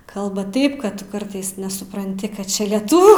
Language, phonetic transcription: Lithuanian, ˈkalba ˈtaip ˈkad tuˈkartais nesupranˈti ˈkad ˈčia lieˈtuvių

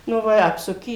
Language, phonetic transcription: Lithuanian, ˈnu va i ˈapsuki

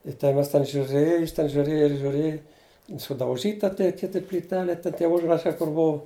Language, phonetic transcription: Lithuanian, i ten ˈmes ten žiuˈrėj jis ten žiuˈrėja žiuˈrėj sudauˈžyta tei ˈkiti plyˈtelė ˈten tie ˈužrašai kur ˈbuu

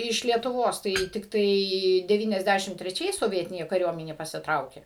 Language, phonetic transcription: Lithuanian, iš lietuˈvos tai tikˈtai deˌvyniasˈdæšim treˈčiais soˈvietinė kaˈriuomenė pasiˈtraukė

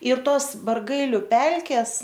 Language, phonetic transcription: Lithuanian, ir ˈtos barˈgailiu ˈpelkes

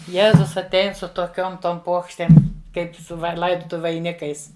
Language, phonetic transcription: Lithuanian, ˈjėzus atˈein su toˈkiom ˈtom ˈpuokštėm ˈkaip su ˈvai ˈlaidutuviu vaiˈnikais

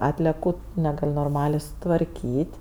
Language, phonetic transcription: Lithuanian, ˈatleku neˈgal' norˈmalė sutvarˈkyt'

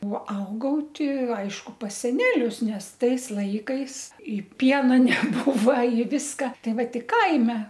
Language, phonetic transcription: Lithuanian, o ˈaugau ˈti ˈaišku pas seˈnelius ˈnes ˈtais ˈlaikais ˈpiena neˈbūva i ˈviska ˈtai ˈva ˈti ˈkaime

